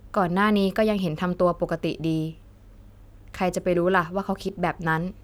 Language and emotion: Thai, neutral